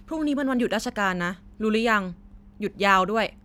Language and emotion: Thai, neutral